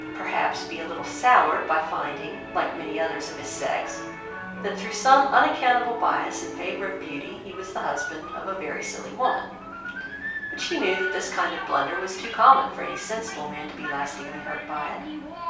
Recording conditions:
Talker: one person; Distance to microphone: 3.0 m; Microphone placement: far; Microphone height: 1.8 m; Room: small (3.7 m by 2.7 m); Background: television

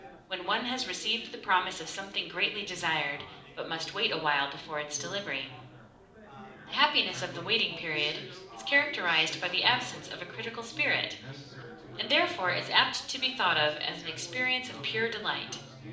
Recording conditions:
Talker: one person; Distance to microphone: 2.0 m; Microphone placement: close; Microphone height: 99 cm; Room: medium-sized (5.7 m by 4.0 m); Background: babble

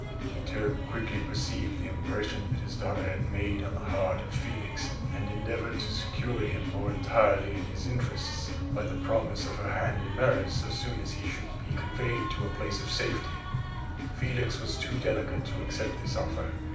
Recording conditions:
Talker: one person; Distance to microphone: 5.8 m; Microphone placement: far; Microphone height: 1.8 m; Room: medium-sized (5.7 m by 4.0 m); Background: music

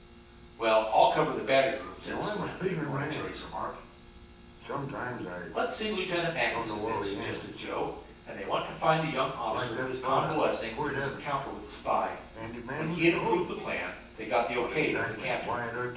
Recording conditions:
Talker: one person; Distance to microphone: 9.8 m; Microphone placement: far; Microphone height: 1.8 m; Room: large; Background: television

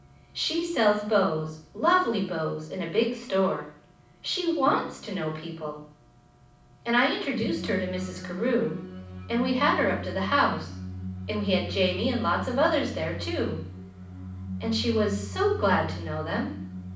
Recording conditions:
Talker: one person; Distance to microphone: 5.8 m; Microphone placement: far; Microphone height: 1.8 m; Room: medium-sized (5.7 m by 4.0 m); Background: music

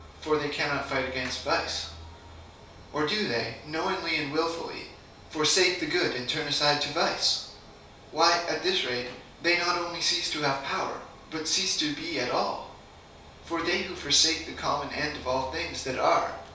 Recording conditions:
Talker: one person; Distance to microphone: 3.0 m; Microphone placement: far; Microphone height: 1.8 m; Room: small (3.7 m by 2.7 m); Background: none

